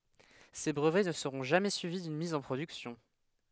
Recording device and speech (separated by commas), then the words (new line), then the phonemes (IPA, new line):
headset microphone, read sentence
Ces brevets ne seront jamais suivis d'une mise en production.
se bʁəvɛ nə səʁɔ̃ ʒamɛ syivi dyn miz ɑ̃ pʁodyksjɔ̃